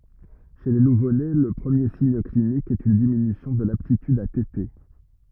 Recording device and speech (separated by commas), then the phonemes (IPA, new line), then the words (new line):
rigid in-ear microphone, read sentence
ʃe le nuvone lə pʁəmje siɲ klinik ɛt yn diminysjɔ̃ də laptityd a tete
Chez les nouveau-nés, le premier signe clinique est une diminution de l'aptitude à téter.